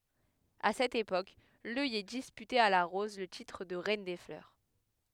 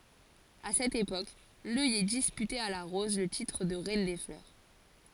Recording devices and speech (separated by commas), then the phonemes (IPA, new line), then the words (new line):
headset microphone, forehead accelerometer, read sentence
a sɛt epok lœjɛ dispytɛt a la ʁɔz lə titʁ də ʁɛn de flœʁ
À cette époque, l'œillet disputait à la rose le titre de reine des fleurs.